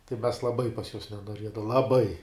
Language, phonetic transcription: Lithuanian, tai mes laˈbai pas juos nenoˈriedav laˈbai

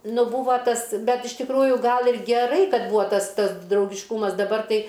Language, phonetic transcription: Lithuanian, ˈnu ˈbūva ˈtas ˈbet iš tikˈrųju ˈgal ir geˈrai ˈkad ˈbūa ˈtas ˈtas draugišˈkūmas daˈbar ˈtai

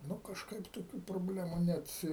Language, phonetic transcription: Lithuanian, ˈnu kažˈkaip toˈkių probˈlemu ˈnet

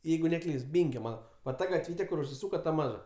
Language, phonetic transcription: Lithuanian, ˈjeigu neˈklyst ˈbynkio ˈmana va ˈta gatˈvyte kur užsiˈsūka ta ˈmaža

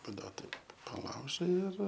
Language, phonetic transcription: Lithuanian, paˈduot ˈtaip paˈlaužai ir

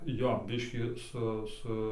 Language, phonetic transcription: Lithuanian, ˈjo ˈbiškį ˈsu ˈsu

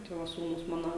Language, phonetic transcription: Lithuanian, ˈtai va ˈsūnus ˈmano

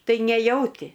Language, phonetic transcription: Lithuanian, ˈtai neˈjauti

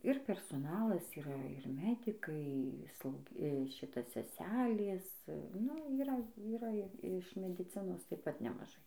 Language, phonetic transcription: Lithuanian, ir persoˈnalas yˈra ir ˈmedikai ˈslau ˈšita seˈselės nu yˈra yˈra i iš mediˈcinos taip ˈpat nemaˈžai

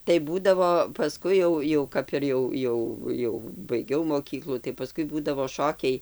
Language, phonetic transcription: Lithuanian, tai ˈbūdavo paˈskui jau jau ˈkap ir jau ˈjau ˈjau jau baiˈgiau moˈkyklų tai paˈskui ˈbūdavo ˈšokiai

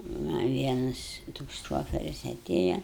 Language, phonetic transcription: Lithuanian, ˈma ˈvienas toks ˈšoferis aˈtėja

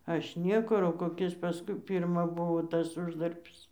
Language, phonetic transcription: Lithuanian, ˈaš ˈniekur o koˈkis paˈskui ˈpirma ˈbuvo ˈtas ˈuždarbis

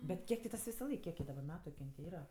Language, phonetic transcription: Lithuanian, ˈbet ˈkiek ti ˈtas visaˈlaik ˈkiek ji daˈbar ˈmetu ki ˈjin ti ˈyra

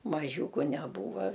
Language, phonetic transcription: Lithuanian, maˈžiūku neˈbūva

